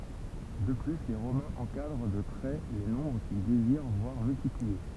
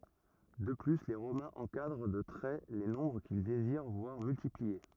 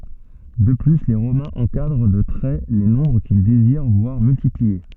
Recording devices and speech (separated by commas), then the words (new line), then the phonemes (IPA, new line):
temple vibration pickup, rigid in-ear microphone, soft in-ear microphone, read sentence
De plus, les Romains encadrent de traits les nombres qu'ils désirent voir multipliés.
də ply le ʁomɛ̃z ɑ̃kadʁ də tʁɛ le nɔ̃bʁ kil deziʁ vwaʁ myltiplie